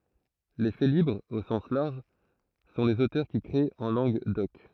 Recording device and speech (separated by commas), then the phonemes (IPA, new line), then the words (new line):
throat microphone, read sentence
le felibʁz o sɑ̃s laʁʒ sɔ̃ lez otœʁ ki kʁet ɑ̃ lɑ̃ɡ dɔk
Les félibres, au sens large, sont les auteurs qui créent en langue d'oc.